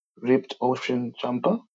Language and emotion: English, surprised